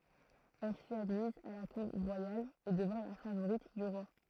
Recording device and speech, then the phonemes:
throat microphone, read sentence
ɛl fyt admiz a la kuʁ ʁwajal e dəvɛ̃ la favoʁit dy ʁwa

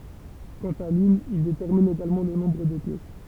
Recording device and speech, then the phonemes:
temple vibration pickup, read sentence
kɑ̃t a limn il detɛʁmin eɡalmɑ̃ lə nɔ̃bʁ de pjɛs

